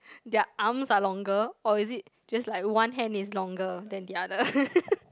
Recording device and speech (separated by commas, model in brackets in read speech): close-talking microphone, conversation in the same room